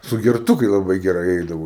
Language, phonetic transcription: Lithuanian, sugerˈtukai laˈbai geˈrai ˈeidavo

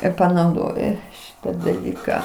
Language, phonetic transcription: Lithuanian, ir panauˈdoju ˈšita daˈlyką

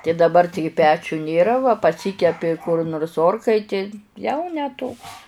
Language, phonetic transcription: Lithuanian, ti daˈbar ˈtigi ˈpečiu nėˈra va paˈsykepi kur nors ˈorkaitėj ˈjau ne toks

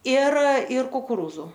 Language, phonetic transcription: Lithuanian, ir ir kukuˈrūzu

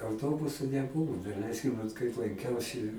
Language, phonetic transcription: Lithuanian, auˈtobusu neˈbuvu daˈleiskim vat kaip lanˈkiausi

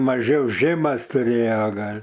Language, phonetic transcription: Lithuanian, maˈžiau ˈžɘmas tuˈrėja ˈgal'

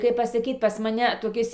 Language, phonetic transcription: Lithuanian, kaip pasaˈkyt ˈpas maˈne toˈkis

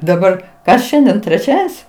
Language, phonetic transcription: Lithuanian, daˈbar ˈkas ˈšiandien treˈčiaden's'

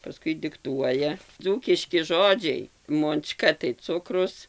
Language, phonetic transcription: Lithuanian, paˈskui dikˈtuoja ˈdzūkiški ˈžodžiai monˈčka tai ˈcukrus

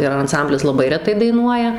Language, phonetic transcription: Lithuanian, ir anˈsamblis laˈbai reˈtai daiˈnuoja

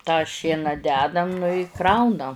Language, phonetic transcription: Lithuanian, tą ˈšiena ˈdedam nu i ˈkrauna

